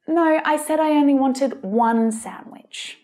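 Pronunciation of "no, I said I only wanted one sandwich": In this sentence, 'one' is stressed to show that there is just one sandwich.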